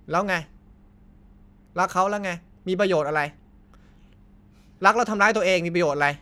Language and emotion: Thai, angry